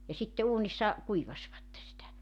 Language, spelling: Finnish, ja sitten uunissa kuivasivat sitä
- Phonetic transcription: ja 'sitte 'uunissa , 'kuivaśvatte sitä .

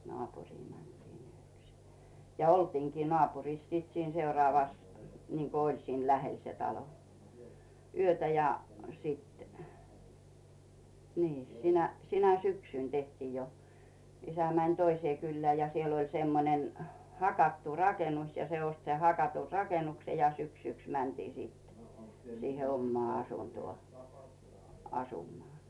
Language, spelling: Finnish, naapuriin mentiin yöksi ja oltiinkin naapurissa sitten siinä seuraavassa niin kuin oli siinä lähellä se talo yötä ja sitten niin sinä sinä syksynä tehtiin jo isä meni toiseen kylään ja siellä oli semmoinen hakattu rakennus ja se osti sen hakatun rakennuksen ja syksyksi mentiin sitten siihen omaan asuntoon asumaan
- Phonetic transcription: 'nᵒàpuŕii mäntiin yöksɪ , ja "oltiiŋkii 'nᵒàpuriis sìt siin 'seurᵒàvas , niŋko "oĺ siin 'lähel se 'talo , "yötä ja , 'sìt , nii , sinä , 'sinä "syksỳn teh'tiij jo , 'isä mäń "toisee 'kylleä̀ ja 'siel ‿oĺ 'semmonen , 'hakattu 'rakenus ja 'se ost sen 'hakatur "rakenukse ja 'syksyks "mäntii sittᴇ , siihe 'ommoà 'asuntᵘò , 'asumoà .

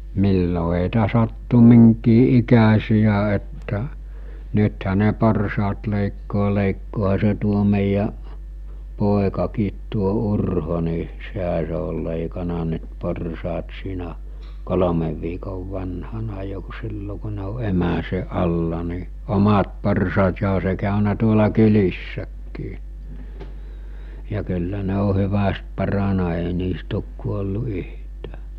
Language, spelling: Finnish, milloin heitä sattui minkin ikäisiä että nythän ne porsaat leikkaa leikkaahan se tuo meidän poikakin tuo Urho niin sehän se oli leikannut nyt porsaat siinä kolmen viikon vanhana jo kun silloin kun ne on emänsä alla niin omat porsaat ja onhan se käynyt tuolla kylissäkin ja kyllä ne on hyvästi parantunut ei niistä ole kuollut yhtään
- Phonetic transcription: millo ɦèitä sattu 'miŋkii '’ikäsijä että , 'nythä ne 'porsaat lèikkoo 'lèikkooha se tuo mèijä’ , 'pòekakiit tuo 'Urho ni , 'sehä se ol lèikana nʸt 'porsaat siinä , 'kolomev viikov vanhana jo kᴜ 'sillo ku ne o 'emäse 'ˀalla ni , 'omat porsaat ja oɦa se kàönä tuola 'kylissäkkii , ja kyllä 'ne o 'hyväst 'parana èi 'niist ‿òk kuollu 'yhtää .

